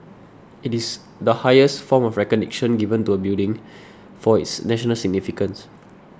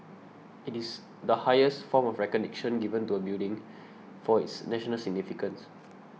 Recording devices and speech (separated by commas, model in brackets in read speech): standing microphone (AKG C214), mobile phone (iPhone 6), read sentence